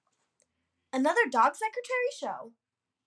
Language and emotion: English, happy